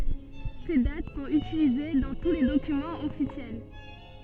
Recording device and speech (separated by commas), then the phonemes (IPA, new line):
soft in-ear microphone, read sentence
se dat sɔ̃t ytilize dɑ̃ tu le dokymɑ̃z ɔfisjɛl